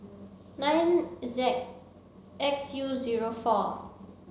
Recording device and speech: mobile phone (Samsung C7), read sentence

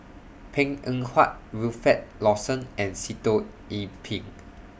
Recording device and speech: boundary microphone (BM630), read sentence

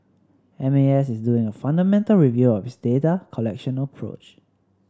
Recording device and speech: standing microphone (AKG C214), read sentence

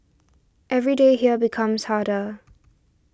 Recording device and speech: standing microphone (AKG C214), read sentence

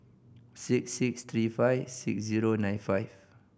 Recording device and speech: boundary microphone (BM630), read sentence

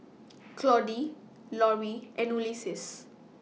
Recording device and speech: mobile phone (iPhone 6), read sentence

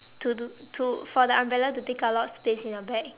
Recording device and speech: telephone, conversation in separate rooms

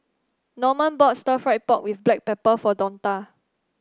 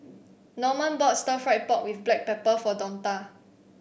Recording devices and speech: standing microphone (AKG C214), boundary microphone (BM630), read sentence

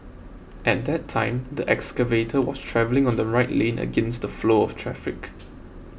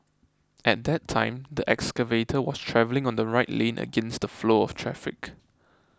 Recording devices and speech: boundary microphone (BM630), close-talking microphone (WH20), read sentence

